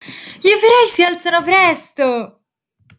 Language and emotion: Italian, happy